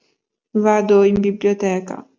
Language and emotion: Italian, sad